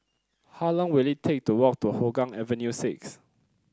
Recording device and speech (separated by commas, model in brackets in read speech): close-talking microphone (WH30), read sentence